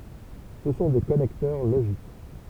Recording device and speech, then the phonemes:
temple vibration pickup, read sentence
sə sɔ̃ de kɔnɛktœʁ loʒik

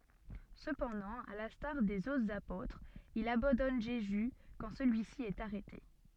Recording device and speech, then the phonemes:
soft in-ear microphone, read sentence
səpɑ̃dɑ̃ a lɛ̃staʁ dez otʁz apotʁz il abɑ̃dɔn ʒezy kɑ̃ səlyisi ɛt aʁɛte

